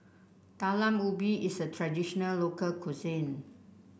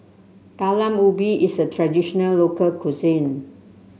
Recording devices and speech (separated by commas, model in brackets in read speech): boundary microphone (BM630), mobile phone (Samsung C7), read sentence